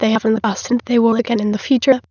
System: TTS, waveform concatenation